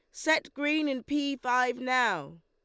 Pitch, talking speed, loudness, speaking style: 255 Hz, 160 wpm, -28 LUFS, Lombard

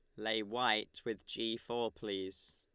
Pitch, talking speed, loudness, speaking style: 110 Hz, 155 wpm, -38 LUFS, Lombard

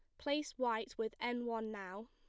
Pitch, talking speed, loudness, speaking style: 230 Hz, 190 wpm, -40 LUFS, plain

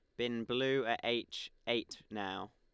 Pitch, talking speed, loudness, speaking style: 120 Hz, 155 wpm, -37 LUFS, Lombard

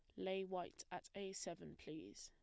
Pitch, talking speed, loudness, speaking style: 190 Hz, 175 wpm, -49 LUFS, plain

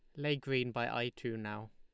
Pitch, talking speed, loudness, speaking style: 120 Hz, 235 wpm, -37 LUFS, Lombard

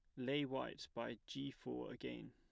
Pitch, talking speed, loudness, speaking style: 135 Hz, 170 wpm, -46 LUFS, plain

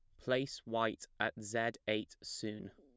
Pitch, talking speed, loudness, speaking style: 110 Hz, 145 wpm, -38 LUFS, plain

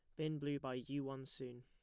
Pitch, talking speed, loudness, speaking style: 135 Hz, 250 wpm, -45 LUFS, plain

